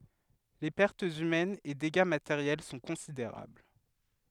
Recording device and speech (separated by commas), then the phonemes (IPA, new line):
headset microphone, read sentence
le pɛʁtz ymɛnz e deɡa mateʁjɛl sɔ̃ kɔ̃sideʁabl